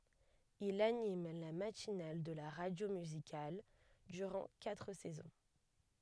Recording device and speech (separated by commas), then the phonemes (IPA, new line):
headset microphone, read sentence
il anim la matinal də la ʁadjo myzikal dyʁɑ̃ katʁ sɛzɔ̃